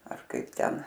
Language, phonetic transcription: Lithuanian, ar ˈkaip ˈten

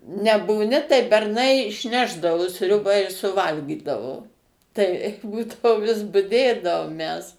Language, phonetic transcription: Lithuanian, nebūˈni tai berˈnai išˈnešdavo ˈsriuba i suˈvalgydavo ˈtai ˈbūdavo vis buˈdėdavom mes

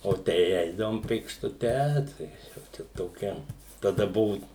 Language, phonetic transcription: Lithuanian, o ˈtei ˈeidavom pėkštuˈte ˈtai jau ˈčia toˈkia taˈda ˈbuvu

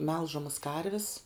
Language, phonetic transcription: Lithuanian, ˈmelžamas ˈkarvis

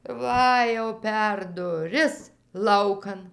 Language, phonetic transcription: Lithuanian, ˈva jau per duˈris ˈlaukan

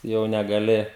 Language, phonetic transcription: Lithuanian, jau negaˈli

